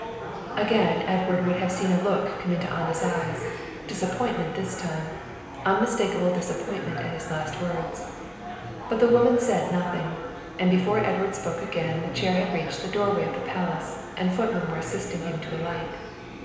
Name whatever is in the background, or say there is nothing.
Crowd babble.